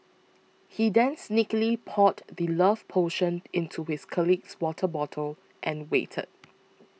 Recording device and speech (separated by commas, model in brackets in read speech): mobile phone (iPhone 6), read sentence